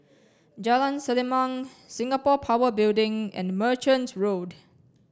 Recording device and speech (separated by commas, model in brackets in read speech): standing microphone (AKG C214), read sentence